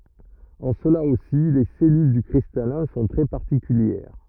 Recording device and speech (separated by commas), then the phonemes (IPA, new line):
rigid in-ear microphone, read sentence
ɑ̃ səla osi le sɛlyl dy kʁistalɛ̃ sɔ̃ tʁɛ paʁtikyljɛʁ